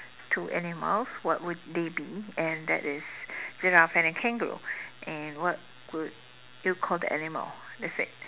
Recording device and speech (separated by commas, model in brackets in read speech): telephone, conversation in separate rooms